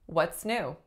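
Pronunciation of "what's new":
In 'what's new', the stress falls on the last syllable, 'new'.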